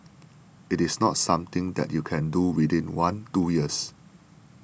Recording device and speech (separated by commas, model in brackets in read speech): boundary microphone (BM630), read sentence